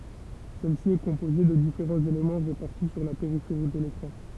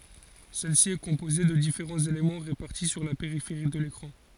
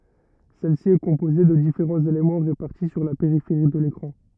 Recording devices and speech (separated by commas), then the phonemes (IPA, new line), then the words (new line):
temple vibration pickup, forehead accelerometer, rigid in-ear microphone, read sentence
sɛl si ɛ kɔ̃poze də difeʁɑ̃z elemɑ̃ ʁepaʁti syʁ la peʁifeʁi də lekʁɑ̃
Celle-ci est composée de différents éléments répartis sur la périphérie de l'écran.